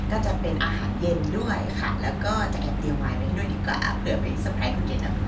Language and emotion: Thai, happy